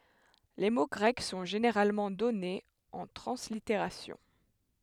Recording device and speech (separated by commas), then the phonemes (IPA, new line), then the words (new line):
headset microphone, read sentence
le mo ɡʁɛk sɔ̃ ʒeneʁalmɑ̃ dɔnez ɑ̃ tʁɑ̃sliteʁasjɔ̃
Les mots grecs sont généralement donnés en translittération.